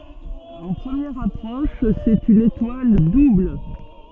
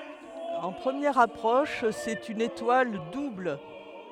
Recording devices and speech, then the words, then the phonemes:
soft in-ear microphone, headset microphone, read sentence
En première approche, c'est une étoile double.
ɑ̃ pʁəmjɛʁ apʁɔʃ sɛt yn etwal dubl

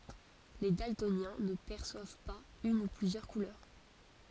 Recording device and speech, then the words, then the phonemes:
forehead accelerometer, read sentence
Les daltoniens ne perçoivent pas une ou plusieurs couleurs.
le daltonjɛ̃ nə pɛʁswav paz yn u plyzjœʁ kulœʁ

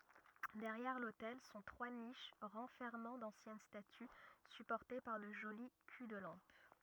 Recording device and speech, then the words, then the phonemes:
rigid in-ear microphone, read sentence
Derrière l’autel sont trois niches renfermant d’anciennes statues supportées par de jolis culs-de-lampes.
dɛʁjɛʁ lotɛl sɔ̃ tʁwa niʃ ʁɑ̃fɛʁmɑ̃ dɑ̃sjɛn staty sypɔʁte paʁ də ʒoli ky də lɑ̃p

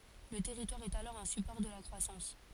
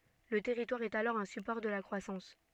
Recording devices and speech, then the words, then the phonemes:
forehead accelerometer, soft in-ear microphone, read sentence
Le territoire est alors un support de la croissance.
lə tɛʁitwaʁ ɛt alɔʁ œ̃ sypɔʁ də la kʁwasɑ̃s

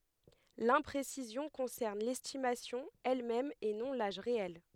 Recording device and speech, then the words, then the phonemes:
headset microphone, read sentence
L'imprécision concerne l'estimation elle-même et non l'âge réel.
lɛ̃pʁesizjɔ̃ kɔ̃sɛʁn lɛstimasjɔ̃ ɛlmɛm e nɔ̃ laʒ ʁeɛl

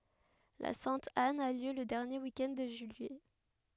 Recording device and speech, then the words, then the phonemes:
headset microphone, read sentence
La Sainte-Anne a lieu le dernier week-end de juillet.
la sɛ̃t an a ljø lə dɛʁnje wik ɛnd də ʒyijɛ

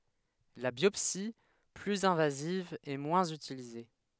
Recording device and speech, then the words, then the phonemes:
headset microphone, read sentence
La biopsie, plus invasive est moins utilisée.
la bjɔpsi plyz ɛ̃vaziv ɛ mwɛ̃z ytilize

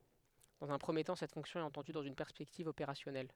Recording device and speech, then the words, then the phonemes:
headset microphone, read sentence
Dans un premier temps, cette fonction est entendue dans une perspective opérationnelle.
dɑ̃z œ̃ pʁəmje tɑ̃ sɛt fɔ̃ksjɔ̃ ɛt ɑ̃tɑ̃dy dɑ̃z yn pɛʁspɛktiv opeʁasjɔnɛl

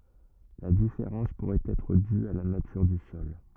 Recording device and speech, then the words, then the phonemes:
rigid in-ear microphone, read sentence
La différence pourrait être due à la nature du sol.
la difeʁɑ̃s puʁɛt ɛtʁ dy a la natyʁ dy sɔl

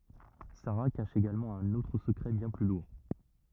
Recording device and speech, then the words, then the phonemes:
rigid in-ear microphone, read sentence
Sara cache également un autre secret bien plus lourd.
saʁa kaʃ eɡalmɑ̃ œ̃n otʁ səkʁɛ bjɛ̃ ply luʁ

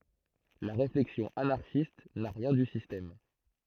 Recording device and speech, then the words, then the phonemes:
throat microphone, read sentence
La réflexion anarchiste n'a rien du système.
la ʁeflɛksjɔ̃ anaʁʃist na ʁjɛ̃ dy sistɛm

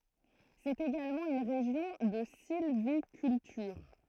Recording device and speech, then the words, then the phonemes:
throat microphone, read sentence
C'est également une région de sylviculture.
sɛt eɡalmɑ̃ yn ʁeʒjɔ̃ də silvikyltyʁ

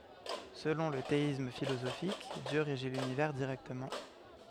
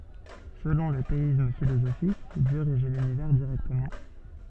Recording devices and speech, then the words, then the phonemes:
headset microphone, soft in-ear microphone, read sentence
Selon le théisme philosophique, Dieu régit l'univers directement.
səlɔ̃ lə teism filozofik djø ʁeʒi lynivɛʁ diʁɛktəmɑ̃

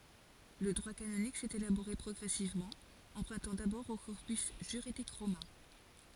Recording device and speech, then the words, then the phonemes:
forehead accelerometer, read sentence
Le droit canonique s'est élaboré progressivement, empruntant d'abord au corpus juridique romain.
lə dʁwa kanonik sɛt elaboʁe pʁɔɡʁɛsivmɑ̃ ɑ̃pʁœ̃tɑ̃ dabɔʁ o kɔʁpys ʒyʁidik ʁomɛ̃

